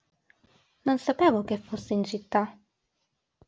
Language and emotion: Italian, neutral